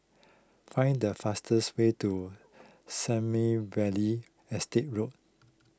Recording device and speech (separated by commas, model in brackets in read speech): close-talking microphone (WH20), read sentence